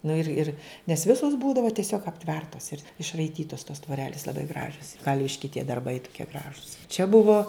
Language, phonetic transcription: Lithuanian, ˈnu ir ˈir nes ˈvisos ˈbūdava tieˈsiog apˈtvertas ir išraiˈtytas tos tvoˈrelis laˈbai ˈgražios ˈkalviški tie darˈbai tuˈkie ˈgražus čia ˈbuvo

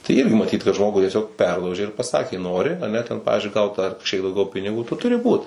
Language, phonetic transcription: Lithuanian, tai ˈirgi maˈtyt kad ˈžmogu tieˈsiog ˈperlaužė ir paˈsakė ˈnori aˈne ten ˈpavizdžiui ˈgaut ar kažˈkiek dauˈgiau piniˈgų ˈtu tuˈri ˈbūt

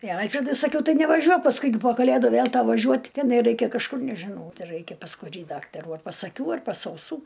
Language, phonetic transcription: Lithuanian, i ˈalfredui saˈkiau ˈtai nevaˈžiuok pasˈkui gi po kaˈlėdu ˈvėl ˈtau vaˈžiuot teˈnai ˈraikia kažˈkur nežiˈnau ˈtai ˈraikia pas kuˈrį ˈdaktarų ar pas aˈkių ar pas auˈsų

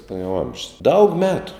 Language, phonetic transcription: Lithuanian, nu jau ˈamžius daug ˈmetu

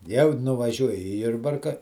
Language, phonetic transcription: Lithuanian, jau nuvaˈžiuoji i ˈjurbarka

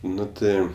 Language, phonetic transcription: Lithuanian, ˈnu ˈtɜ

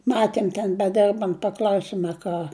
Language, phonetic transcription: Lithuanian, ˈmatiem ten beˈderbant paˈkl'ausim a ˈką

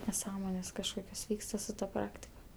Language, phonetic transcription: Lithuanian, neˈsąmonės kažˈkokios ˈvyksta su ta ˈpraktika

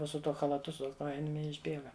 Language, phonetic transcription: Lithuanian, ˈnu su tuo chalaˈtu su ˈkojinėm i išˈbėga

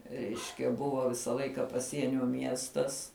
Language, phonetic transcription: Lithuanian, ˈreiškia ˈbuvo ˈvisa ˈlaika paˈsienio ˈmiestas

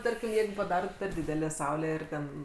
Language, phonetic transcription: Lithuanian, ˈtarkim ˈjeigu paˈdarot per ˈdidelę ˈsaulę ˈir ˈten

